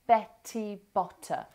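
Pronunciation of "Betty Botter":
In 'Betty Botter', the t sounds are clearly heard, with air coming out on the t.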